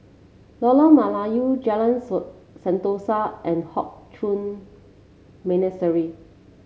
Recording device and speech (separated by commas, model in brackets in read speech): mobile phone (Samsung C7), read sentence